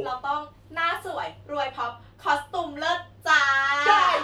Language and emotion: Thai, happy